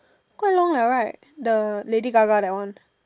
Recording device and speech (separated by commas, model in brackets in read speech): standing microphone, conversation in separate rooms